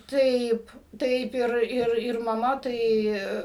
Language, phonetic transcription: Lithuanian, ˈtaip ˈtaip ˈir ˈir ir maˈma ˈtai

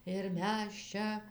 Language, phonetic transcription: Lithuanian, ir ˈmes ˈčia

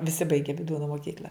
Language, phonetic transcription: Lithuanian, viˈsi ˈbaige viˈdūno moˈkykl'a

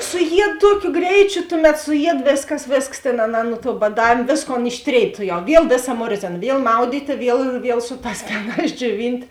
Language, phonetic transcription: Lithuanian, suˈjied ˈtuokiu ˈgreičiu ˈtuˌmet suˈjied ˈvėsˌkas ˈvėsˌks tėn aˈnā nu tuo baˈdavėm ˈvėsˌkon išˈtrėid ˈtuˌjau ˈviel ˈvėˌsa ˈmorzėna ˈviel ˈmaudytė ˈviel ˈviel ˈsu ˌtās ˈfenās džioˈvint'

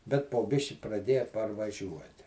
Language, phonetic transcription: Lithuanian, bet po ˈbiški praˈdėja parvaˈžiuoti

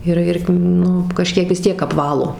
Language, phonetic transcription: Lithuanian, ir ˈir ˈnu kaˈžkiek vis ˈtiek apˈvalo

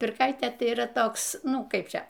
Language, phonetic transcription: Lithuanian, pirˈkaitė ˈtai yˈra ˈtoks ˈnu ˈkaip ˈčia

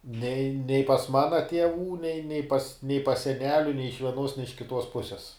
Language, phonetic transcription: Lithuanian, nei nei pas ˈmana tieˈvų nei ne pas nei pas seˈneliu nei iš vieˈnuos ne iš kiˈtuos ˈpuses

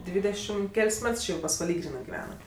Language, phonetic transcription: Lithuanian, ˈdvydešim ˈkel's' ˈmets ˈči jau pasvaˈly ˈgrynɜ giˈvenat

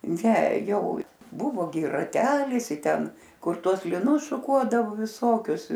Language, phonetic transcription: Lithuanian, ˈne ˈjau ˈbuvo gi raˈtelis i ˈten ˈkur ˈtuos liˈnus šuˈkuodavu viˈsokius

